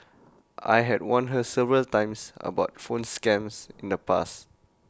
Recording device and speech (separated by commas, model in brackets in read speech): close-talking microphone (WH20), read sentence